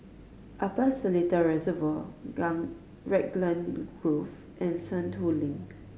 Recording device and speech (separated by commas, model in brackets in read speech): mobile phone (Samsung C5010), read sentence